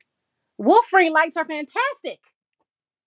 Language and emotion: English, surprised